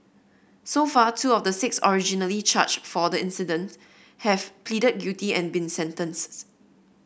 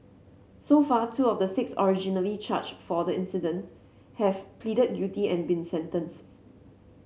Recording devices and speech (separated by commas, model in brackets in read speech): boundary microphone (BM630), mobile phone (Samsung C7), read sentence